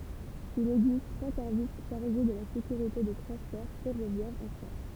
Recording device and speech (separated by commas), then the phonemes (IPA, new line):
temple vibration pickup, read sentence
il ɛɡzist tʁwa sɛʁvis ʃaʁʒe də la sekyʁite de tʁɑ̃spɔʁ fɛʁovjɛʁz ɑ̃ fʁɑ̃s